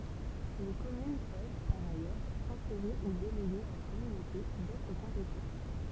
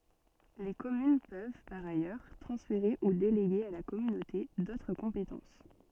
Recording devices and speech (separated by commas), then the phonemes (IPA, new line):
temple vibration pickup, soft in-ear microphone, read sentence
le kɔmyn pøv paʁ ajœʁ tʁɑ̃sfeʁe u deleɡe a la kɔmynote dotʁ kɔ̃petɑ̃s